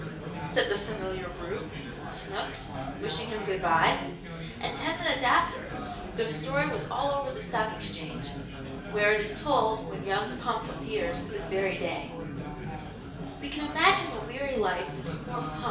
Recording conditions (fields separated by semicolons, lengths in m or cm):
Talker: one person; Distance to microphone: 1.8 m; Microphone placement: close; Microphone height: 1.0 m; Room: large; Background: babble